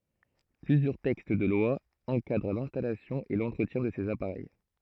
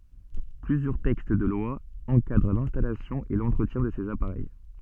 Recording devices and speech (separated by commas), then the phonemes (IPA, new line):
throat microphone, soft in-ear microphone, read sentence
plyzjœʁ tɛkst də lwa ɑ̃kadʁ lɛ̃stalasjɔ̃ e lɑ̃tʁətjɛ̃ də sez apaʁɛj